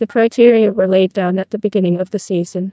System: TTS, neural waveform model